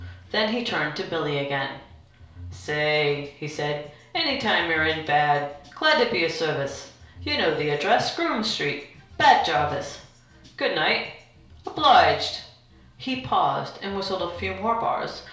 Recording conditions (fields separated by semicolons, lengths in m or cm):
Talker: one person; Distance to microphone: 1.0 m; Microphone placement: close; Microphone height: 1.1 m; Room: small (3.7 m by 2.7 m); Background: music